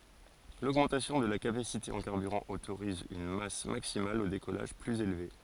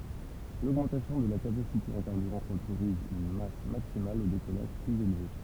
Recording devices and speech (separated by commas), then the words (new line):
forehead accelerometer, temple vibration pickup, read sentence
L'augmentation de la capacité en carburant autorise une masse maximale au décollage plus élevée.